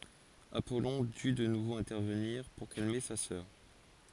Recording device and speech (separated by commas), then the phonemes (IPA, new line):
forehead accelerometer, read sentence
apɔlɔ̃ dy də nuvo ɛ̃tɛʁvəniʁ puʁ kalme sa sœʁ